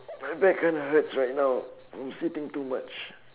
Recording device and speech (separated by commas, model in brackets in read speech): telephone, conversation in separate rooms